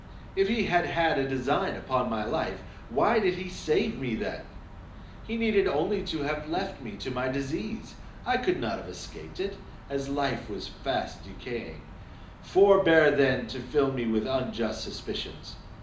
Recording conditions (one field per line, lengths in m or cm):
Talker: one person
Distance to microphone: 2.0 m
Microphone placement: close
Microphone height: 99 cm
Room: medium-sized (5.7 m by 4.0 m)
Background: none